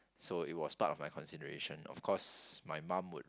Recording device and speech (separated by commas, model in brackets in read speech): close-talking microphone, conversation in the same room